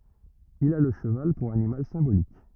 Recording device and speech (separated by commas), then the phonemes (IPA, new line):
rigid in-ear microphone, read sentence
il a lə ʃəval puʁ animal sɛ̃bolik